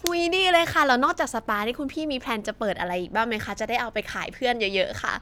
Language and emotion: Thai, happy